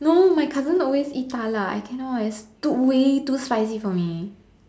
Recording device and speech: standing microphone, conversation in separate rooms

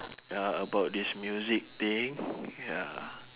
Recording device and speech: telephone, conversation in separate rooms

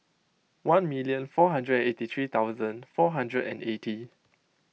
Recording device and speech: mobile phone (iPhone 6), read sentence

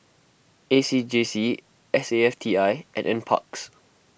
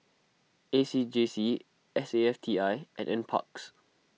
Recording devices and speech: boundary microphone (BM630), mobile phone (iPhone 6), read sentence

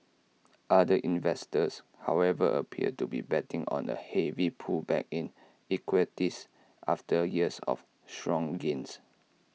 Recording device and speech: mobile phone (iPhone 6), read sentence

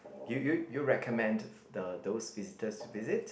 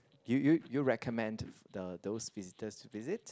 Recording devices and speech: boundary microphone, close-talking microphone, conversation in the same room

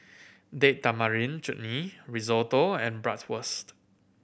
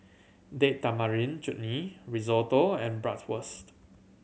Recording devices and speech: boundary microphone (BM630), mobile phone (Samsung C7100), read sentence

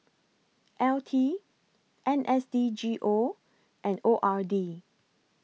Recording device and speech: mobile phone (iPhone 6), read sentence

